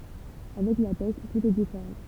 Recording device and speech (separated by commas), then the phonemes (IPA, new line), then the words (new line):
temple vibration pickup, read sentence
avɛk la pɛst tut ɛ difeʁɑ̃
Avec la peste, tout est différent.